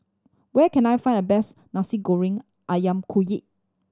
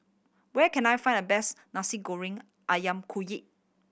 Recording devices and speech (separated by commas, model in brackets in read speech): standing microphone (AKG C214), boundary microphone (BM630), read sentence